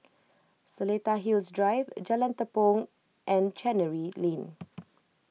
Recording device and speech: mobile phone (iPhone 6), read sentence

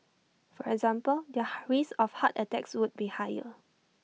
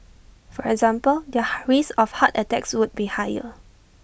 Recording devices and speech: mobile phone (iPhone 6), boundary microphone (BM630), read sentence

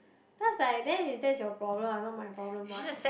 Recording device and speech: boundary microphone, conversation in the same room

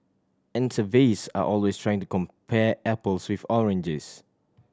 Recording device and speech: standing microphone (AKG C214), read sentence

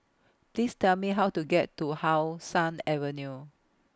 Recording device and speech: close-talking microphone (WH20), read sentence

